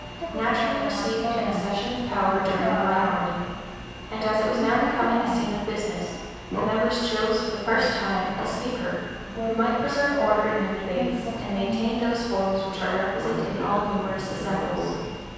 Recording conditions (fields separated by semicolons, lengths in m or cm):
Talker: one person; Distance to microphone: 7.1 m; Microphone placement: far; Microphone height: 1.7 m; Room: very reverberant, large; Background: television